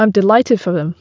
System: none